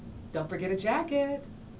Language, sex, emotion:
English
female
happy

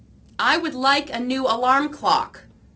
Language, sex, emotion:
English
female
neutral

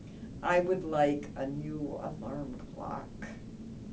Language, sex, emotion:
English
female
neutral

